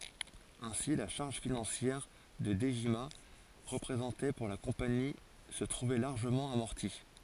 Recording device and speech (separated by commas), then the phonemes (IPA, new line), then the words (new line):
forehead accelerometer, read sentence
ɛ̃si la ʃaʁʒ finɑ̃sjɛʁ kə dəʒima ʁəpʁezɑ̃tɛ puʁ la kɔ̃pani sə tʁuvɛ laʁʒəmɑ̃ amɔʁti
Ainsi, la charge financière que Dejima représentait pour la compagnie se trouvait largement amortie.